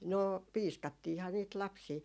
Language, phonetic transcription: Finnish, 'noo "piiskattiha niit 'lapsii .
- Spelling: no piiskattiinhan niitä lapsia

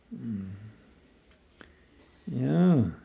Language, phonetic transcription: Finnish, m̥ , ˈhjoo .
- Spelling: mm joo

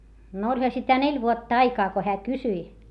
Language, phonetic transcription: Finnish, n ‿oĺha sitä neĺ vuotta aikaa ko heä kysyi .
- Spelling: no olihan sitä neljä vuotta aikaa kun hän kysyi

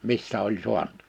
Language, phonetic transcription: Finnish, 'missä oĺ 'suant .
- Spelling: missä oli saanut

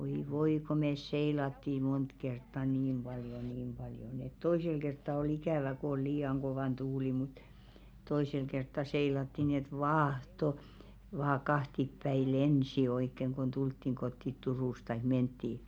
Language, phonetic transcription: Finnish, oi 'voi ko 'mès "seilatti 'mont kertta "niim ʙaljo 'niim paljo nⁱ ‿et 'toisel kertta o'l ‿ikä̀vä ko ‿ol 'lii₍aŋ 'kovàn "tuuli mut , 'toisel kertta 'seilatti ni ‿et "vâhto , vaa 'kahtippäi "lensi oikkeŋ kon 'ᴅulttiŋ ɢottit "Turùs taik 'menttii .
- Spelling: oi voi kun me seilattiin monta kertaa niin paljon niin paljon niin että toisella kertaa oli ikävä kun oli liian kova tuuli mutta toisella kertaa seilattiin niin että vaahto vain kahtiapäin lensi oikein kun tultiin kotiin Turusta tai mentiin

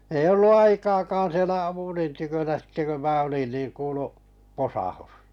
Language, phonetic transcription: Finnish, 'ei 'ollu "aikaakaan̬ sielä 'apulin tykönä sⁱtte kö 'mää olin niin 'kuulu , 'posahus .
- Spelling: ei ollut aikaakaan siellä Apulin tykönä sitten kun minä olin niin kuului posahdus

